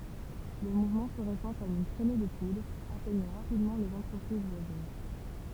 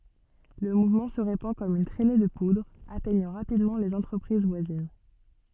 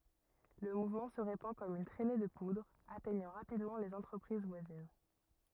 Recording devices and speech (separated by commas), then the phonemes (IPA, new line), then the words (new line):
temple vibration pickup, soft in-ear microphone, rigid in-ear microphone, read sentence
lə muvmɑ̃ sə ʁepɑ̃ kɔm yn tʁɛne də pudʁ atɛɲɑ̃ ʁapidmɑ̃ lez ɑ̃tʁəpʁiz vwazin
Le mouvement se répand comme une trainée de poudre, atteignant rapidement les entreprises voisines.